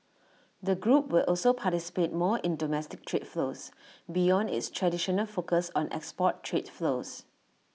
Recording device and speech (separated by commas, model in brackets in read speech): mobile phone (iPhone 6), read sentence